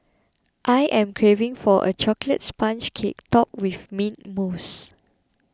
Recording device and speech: close-talking microphone (WH20), read sentence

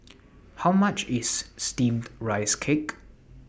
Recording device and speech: boundary microphone (BM630), read sentence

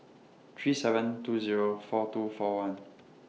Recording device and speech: mobile phone (iPhone 6), read sentence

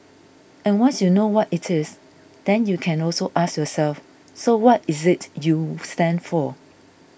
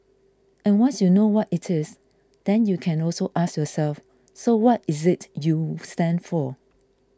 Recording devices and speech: boundary microphone (BM630), close-talking microphone (WH20), read sentence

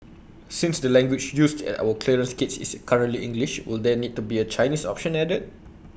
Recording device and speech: boundary microphone (BM630), read sentence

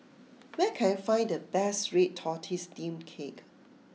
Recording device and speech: mobile phone (iPhone 6), read sentence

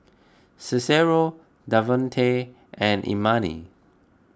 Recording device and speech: close-talking microphone (WH20), read sentence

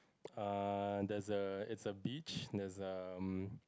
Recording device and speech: close-talking microphone, conversation in the same room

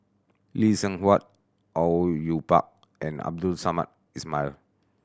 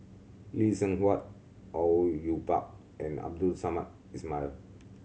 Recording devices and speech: standing microphone (AKG C214), mobile phone (Samsung C7100), read sentence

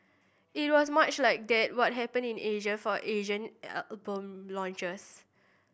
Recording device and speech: boundary microphone (BM630), read sentence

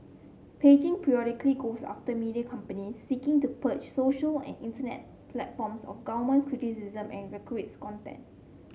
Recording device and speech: mobile phone (Samsung C7), read sentence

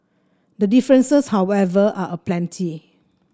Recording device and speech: standing microphone (AKG C214), read sentence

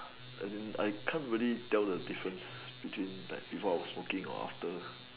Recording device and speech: telephone, conversation in separate rooms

